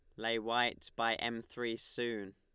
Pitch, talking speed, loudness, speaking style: 115 Hz, 170 wpm, -36 LUFS, Lombard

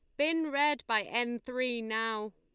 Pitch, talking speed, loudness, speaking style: 240 Hz, 170 wpm, -31 LUFS, Lombard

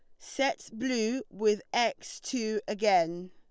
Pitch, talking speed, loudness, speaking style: 220 Hz, 115 wpm, -30 LUFS, Lombard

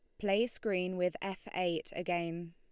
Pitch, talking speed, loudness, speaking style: 180 Hz, 155 wpm, -35 LUFS, Lombard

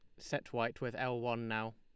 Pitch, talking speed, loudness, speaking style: 115 Hz, 230 wpm, -39 LUFS, Lombard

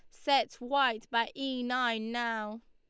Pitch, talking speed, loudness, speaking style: 245 Hz, 145 wpm, -31 LUFS, Lombard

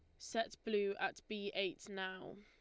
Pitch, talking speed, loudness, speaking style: 200 Hz, 165 wpm, -42 LUFS, Lombard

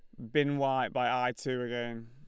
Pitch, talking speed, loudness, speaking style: 125 Hz, 210 wpm, -32 LUFS, Lombard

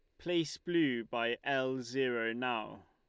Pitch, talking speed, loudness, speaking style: 130 Hz, 135 wpm, -35 LUFS, Lombard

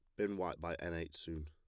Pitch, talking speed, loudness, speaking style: 85 Hz, 280 wpm, -42 LUFS, plain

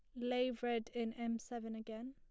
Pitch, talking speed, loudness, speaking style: 235 Hz, 190 wpm, -41 LUFS, plain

